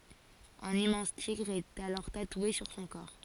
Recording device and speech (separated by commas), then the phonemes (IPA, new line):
forehead accelerometer, read sentence
œ̃n immɑ̃s tiɡʁ ɛt alɔʁ tatwe syʁ sɔ̃ kɔʁ